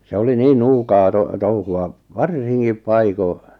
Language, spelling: Finnish, se oli niin nuukaa - touhua varsinkin paikoin
- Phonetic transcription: 'se oli 'niin "nuukaa 'to- "touhu₍a , "varsiŋkip 'paiko .

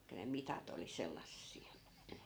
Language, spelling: Finnish, tai ne mitat oli sellaisia
- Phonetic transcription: (taikka) ne "mitat ‿oli 'sellassi(₍a) .

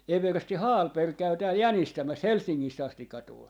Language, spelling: Finnish, eversti Hallberg käy täällä jänistämässä Helsingistä asti tuli
- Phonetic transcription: 'eversti "Haalper 'käy 'tääl "jänistämäs "Helssiŋ - ŋis't ‿astikka tul .

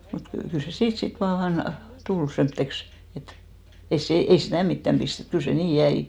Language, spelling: Finnish, mutta - kyllä se siitä sitten vain tuli semmoiseksi että ei se ei sitä mitään pistetty kyllä se niin jäi
- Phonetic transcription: mut ky- , kyl se "siit sit vaan 'tul , 'semtteks , et , 'ei se , 'ei sitä̀ 'mittäm ʙistet , 'kyl se "nii 'jäi .

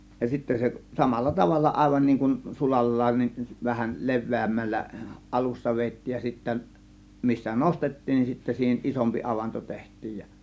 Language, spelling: Finnish, ja sitten se samalla tavalla aivan niin kuin sulallaan niin vähän leveämmällä alussa vedettiin ja sitten missä nostettiin niin sitten siihen isompi avanto tehtiin ja
- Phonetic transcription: ja 'sittä se "samalla 'tavalla 'ˀàėvan niiŋ kun "sulal̀laan nin , vähäl "le̬v̆vèämmällä "ˀalussa 'veettiij ja sittä , 'missä "nostettiin nin sittä 'siihen "ˀisompi 'avanto 'teht̆tiij ja .

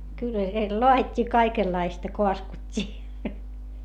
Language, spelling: Finnish, kyllä siellä laadittiin kaikenlaista kaskuttiin
- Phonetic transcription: kyllä siel loa₍it́t́ii kaikellaista koaskut́t́ii .

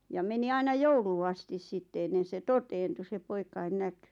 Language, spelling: Finnish, ja meni aina jouluun asti sitten ennen se toteutui se poikien näkyi
- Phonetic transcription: ja meni 'aina "jouluu astis 'sitte ennen̬ se "toteentu se 'poikain "näky .

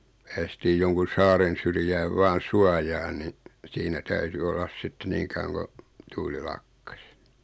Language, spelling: Finnish, päästiin jonkun saaren syrjään vain suojaan niin siinä täytyi olla sitten niin kauan kun tuuli lakkasi
- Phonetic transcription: päästiij joŋkun̬ 'saaren̬ syrjääv 'vaan̬ "suajaan ni , siinä 'täyty 'ollas 'sitte "nii kauwaŋ ko , 'tuuli "lakkas .

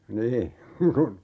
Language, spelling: Finnish, niin kun
- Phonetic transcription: 'nii , kun ,.

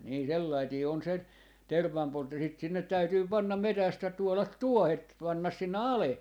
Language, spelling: Finnish, niin sellainen on se tervanpoltto sitten sinne täytyy panna metsästä tuoda tuohet panna sinne alle
- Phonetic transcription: nii sellaitii on se , "tervvampoltto sit sinnet 'täytyy 'pannam "metästä 'tuolat "tuohet 'pannas sinne "ale .

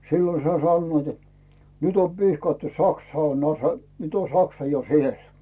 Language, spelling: Finnish, silloin sai sanoivat että nyt on pihkattu Saksa on - nyt on Saksa jo siellä
- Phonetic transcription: 'sillo sai 'sannoit ‿et , » "nyt ‿om 'pihkattu "Saksa on ase- , 'nyt ‿on "Saksa jo 'siel « .

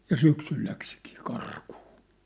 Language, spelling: Finnish, ja syksyllä lähtikin karkuun
- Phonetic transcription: ja 'syksyl 'läksikii "karkᴜᴜ .

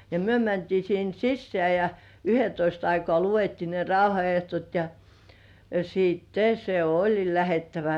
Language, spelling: Finnish, ja me mentiin sinne sisään ja yhdentoista aikaan luettiin ne rauhanehdot ja sitten se oli lähdettävä
- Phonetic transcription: ja myö mäntii sin sisseä̀ ja , "yhetoist ‿aikŏà luvettii ne 'rauha₍eht̳§ot ja , 'siit"te se "oĺi 'lähettävä .

